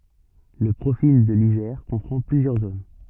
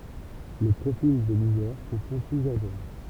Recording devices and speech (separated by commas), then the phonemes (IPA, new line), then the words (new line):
soft in-ear microphone, temple vibration pickup, read sentence
lə pʁofil də lizɛʁ kɔ̃pʁɑ̃ plyzjœʁ zon
Le profil de l'Isère comprend plusieurs zones.